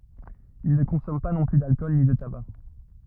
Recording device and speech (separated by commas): rigid in-ear microphone, read sentence